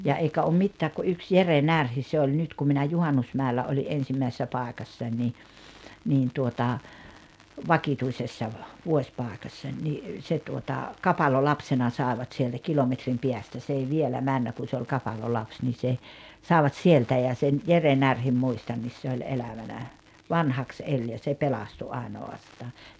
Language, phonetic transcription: Finnish, ja 'eikä om 'mittääk ku 'yks "Jere "Närhi se oĺ 'nyt kum minä "Juhannusmä̀ellä oli’ ’ensimmäisessä 'pàekassań ni , niin tuota , "vakituisessa ‿v- , 'vuośpàekassań ni , 'se tuota , "kapalolapsena 'sàevat sieltä 'kilometrim 'piästä s ‿ei 'vielä 'männä kun̬ se oĺ 'kapalolaps ni se , 'sàevat "sieltä ja sen , 'Jere "Närhim 'muistannis se oĺ 'elävänä , "vanhaks 'eĺ ja se "pelastu 'àeno₍astaa .
- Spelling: ja eikä ole mitään kuin yksi Jere Närhi se oli nyt kun minä Juhannusmäellä olin ensimmäisessä paikassa niin niin tuota vakituisessa - vuosipaikassa niin se tuota kapalolapsena saivat sieltä kilometrin päästä se ei vielä mennyt kun se oli kapalolapsi niin se saivat sieltä ja sen Jere Närhen muistan se oli elävänä vanhaksi eli ja se pelastui ainoastaan

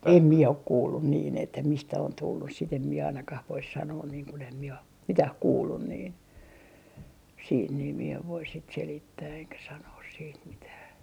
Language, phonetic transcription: Finnish, "em 'mie ok 'kuullun niin ‿että 'mistä on 'tullus sit ‿em mie ainakah vois sanoon niiŋ kun ‿em mie om , "mitäh 'kuullun niin , siit nii mie ev voi sit 'selittää eŋkä 'sanoos siit mitää .
- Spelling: en minä ole kuullut niin että mistä on tullut sitten en minä ainakaan voisi sanoa niin kun en minä ole mitään kuullut niin sitten niin minä en voi sitten selittää enkä sanoa sitten mitään

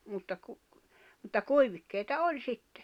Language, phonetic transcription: Finnish, mutta ku- , mutta 'kuivikkèita 'oĺ sitte .
- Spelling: mutta - mutta kuivikkeita oli sitten

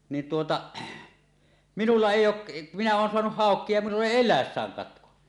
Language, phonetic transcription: Finnish, niin tuota , 'minulla "èij̆j ‿ook̳ , 'minä 'oon 'soanuh "hàok̀ie ja minull ‿èi "el̆läessääŋ 'katko .
- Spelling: niin tuota minulla ei ole minä olen saanut haukia ja minulla ei eläessään katko

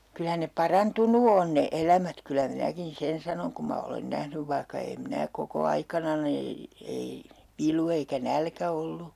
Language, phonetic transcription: Finnish, 'kylä ne "parantunu on ne 'elämät kylä 'minäkin "sen sanoŋ kum ma olen 'nähnyv vaihka eem 'mⁱnä koko 'aikanani , 'ei , 'vilu eikä "nälkä ollu .
- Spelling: kyllä ne parantunut on ne elämät kyllä minäkin sen sanon kun minä olen nähnyt vaikka en minä koko aikanani ei vilu eikä nälkä ollut

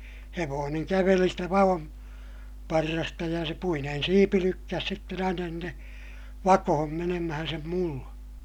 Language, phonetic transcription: Finnish, hevooneŋ käveli stä va₍on- , -parrasta ja se puinen siipi lykkäs sitten ‿aina (sinne) , vakohom menemähän sem mullA .
- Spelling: hevonen käveli sitä - vaonparrasta ja se puinen siipi lykkäsi sitten aina sinne vakoon menemään sen mullan

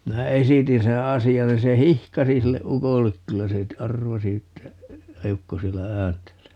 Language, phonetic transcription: Finnish, 'minä "esitin seè "asi₍an 'nin se "hihkasi 'sille "ukollek - 'kyllä se , "arvasi että , 'eukko 'siellä "ääntelee .
- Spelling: minä esitin sen asian niin se hihkaisi sille ukolle kyllä se arvasi että eukko siellä ääntelee

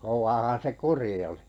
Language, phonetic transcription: Finnish, 'kov̀aahan se "kuri olɪ .
- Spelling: kovaahan se kuri oli

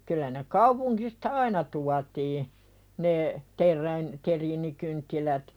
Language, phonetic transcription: Finnish, kyl̆lä ne 'kaupuŋkista "aina tuatii , ne , 'ter̆räin- , 'teriinikynttilät .
- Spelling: kyllä ne kaupungista aina tuotiin ne - terriinikynttilät

